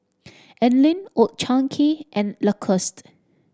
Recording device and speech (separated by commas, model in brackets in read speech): standing microphone (AKG C214), read sentence